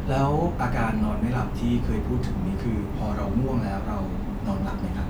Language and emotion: Thai, neutral